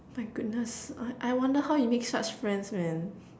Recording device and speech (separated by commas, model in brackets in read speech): standing microphone, conversation in separate rooms